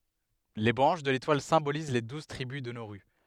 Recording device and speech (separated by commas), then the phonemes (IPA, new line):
headset microphone, read sentence
le bʁɑ̃ʃ də letwal sɛ̃boliz le duz tʁibys də noʁy